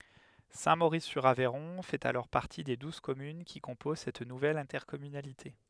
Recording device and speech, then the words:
headset microphone, read sentence
Saint-Maurice-sur-Aveyron fait alors partie des douze communes qui composent cette nouvelle intercommunalité.

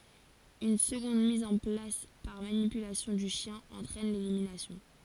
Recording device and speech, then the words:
forehead accelerometer, read sentence
Une seconde mise en place par manipulation du chien entraîne l'élimination.

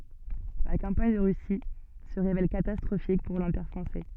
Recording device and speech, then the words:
soft in-ear microphone, read sentence
La campagne de Russie se révèle catastrophique pour l'Empire français.

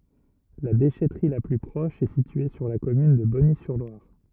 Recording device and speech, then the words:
rigid in-ear microphone, read sentence
La déchèterie la plus proche est située sur la commune de Bonny-sur-Loire.

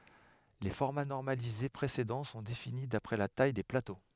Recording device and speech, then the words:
headset microphone, read sentence
Les formats normalisés précédents sont définis d’après la taille des plateaux.

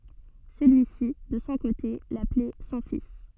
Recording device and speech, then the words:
soft in-ear microphone, read sentence
Celui-ci, de son côté, l'appelait son fils.

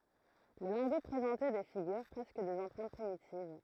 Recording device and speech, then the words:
throat microphone, read sentence
Les lingots présentaient des figures, presque des empreintes primitives.

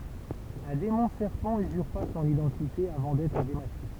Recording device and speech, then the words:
temple vibration pickup, read sentence
Un démon serpent usurpa son identité avant d'être démasqué.

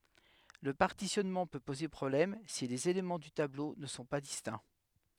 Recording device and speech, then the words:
headset microphone, read sentence
Le partitionnement peut poser problème si les éléments du tableau ne sont pas distincts.

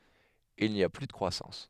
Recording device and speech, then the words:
headset microphone, read sentence
Il n’y a plus de croissance.

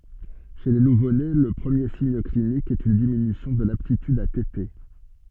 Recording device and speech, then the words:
soft in-ear microphone, read sentence
Chez les nouveau-nés, le premier signe clinique est une diminution de l'aptitude à téter.

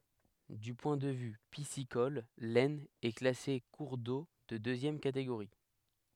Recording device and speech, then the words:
headset microphone, read sentence
Du point de vue piscicole, l'Aisne est classée cours d'eau de deuxième catégorie.

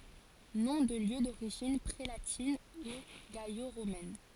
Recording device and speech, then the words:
forehead accelerometer, read sentence
Noms de lieux d’origine prélatine ou gallo-romaine.

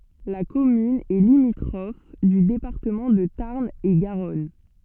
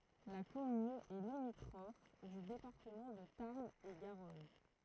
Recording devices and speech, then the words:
soft in-ear microphone, throat microphone, read sentence
La commune est limitrophe du département de Tarn-et-Garonne.

